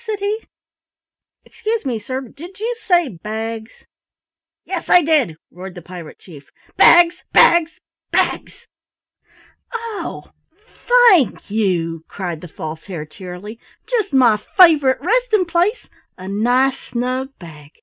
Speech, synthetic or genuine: genuine